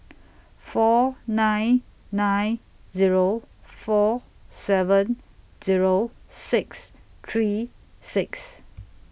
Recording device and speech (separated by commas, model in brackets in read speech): boundary microphone (BM630), read sentence